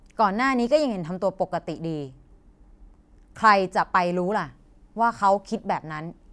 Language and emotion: Thai, frustrated